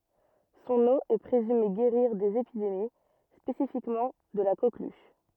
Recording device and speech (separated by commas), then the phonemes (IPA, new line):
rigid in-ear microphone, read sentence
sɔ̃n o ɛ pʁezyme ɡeʁiʁ dez epidemi spesifikmɑ̃ də la koklyʃ